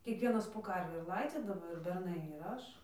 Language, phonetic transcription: Lithuanian, kiekˈvienas po ˈkarvį ir ˈlaidzydavo ir berˈnai ir ˈaš

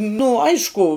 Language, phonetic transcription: Lithuanian, nu ˈaišku

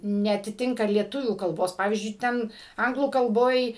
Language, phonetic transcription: Lithuanian, neatiˈtinka lieˈtuvių kalˈbos ˈpavyzdžiui ˈten ˈanglų kalˈboj

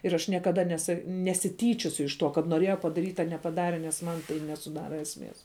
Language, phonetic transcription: Lithuanian, ir aš niekaˈda nesa nesiˈtyčiosiu iš ˈtuo kad noˈrieja padaˈryt' a nepaˈdare nes ˈman tai nesuˈdara esˈmės

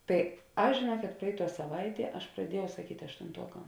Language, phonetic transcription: Lithuanian, ˈtai ˈaš žėˈnuoket ˈpraiˌtuo saˈvaiˌtie ˈaš praˈdieˌjau saˈkyt' aštunˈtuokam

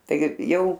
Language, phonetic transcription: Lithuanian, ˈtaigi ˈjau

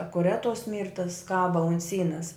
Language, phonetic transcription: Lithuanian, akuˈret tos ˈmyrtas ˈkaba ant ˈsynas

